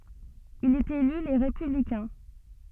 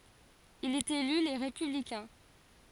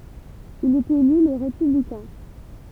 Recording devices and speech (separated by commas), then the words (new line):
soft in-ear microphone, forehead accelerometer, temple vibration pickup, read sentence
Il est élu Les Républicains.